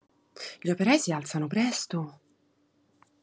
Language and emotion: Italian, surprised